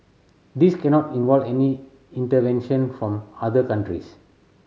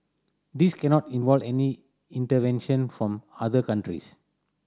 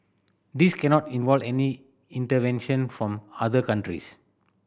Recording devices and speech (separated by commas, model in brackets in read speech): mobile phone (Samsung C7100), standing microphone (AKG C214), boundary microphone (BM630), read sentence